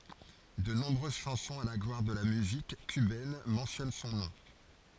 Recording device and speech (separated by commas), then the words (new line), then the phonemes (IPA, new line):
forehead accelerometer, read sentence
De nombreuses chansons à la gloire de la musique cubaine mentionnent son nom.
də nɔ̃bʁøz ʃɑ̃sɔ̃z a la ɡlwaʁ də la myzik kybɛn mɑ̃sjɔn sɔ̃ nɔ̃